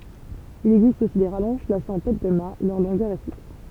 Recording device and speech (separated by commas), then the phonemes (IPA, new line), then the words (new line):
temple vibration pickup, read sentence
il ɛɡzist osi de ʁalɔ̃ʒ plasez ɑ̃ tɛt də mat lœʁ lɔ̃ɡœʁ ɛ fiks
Il existe aussi des rallonges placées en tête de mat, leur longueur est fixe.